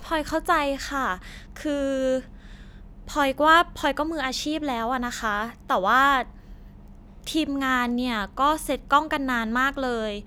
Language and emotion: Thai, frustrated